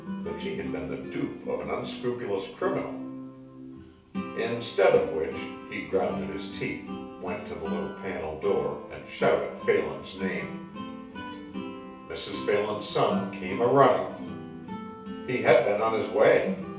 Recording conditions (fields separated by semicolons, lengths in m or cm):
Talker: one person; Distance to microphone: 3.0 m; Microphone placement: far; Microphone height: 1.8 m; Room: small (3.7 m by 2.7 m); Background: music